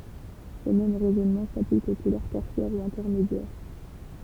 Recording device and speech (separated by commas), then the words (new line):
temple vibration pickup, read sentence
Le même raisonnement s'applique aux couleurs tertiaires ou intermédiaires.